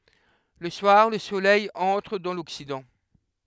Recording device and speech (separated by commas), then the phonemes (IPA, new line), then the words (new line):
headset microphone, read sentence
lə swaʁ lə solɛj ɑ̃tʁ dɑ̃ lɔksidɑ̃
Le soir, le Soleil entre dans l'Occident.